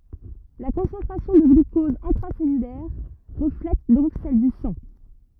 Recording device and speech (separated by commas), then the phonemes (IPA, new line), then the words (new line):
rigid in-ear microphone, read sentence
la kɔ̃sɑ̃tʁasjɔ̃ də ɡlykɔz ɛ̃tʁasɛlylɛʁ ʁəflɛt dɔ̃k sɛl dy sɑ̃
La concentration de glucose intracellulaire reflète donc celle du sang.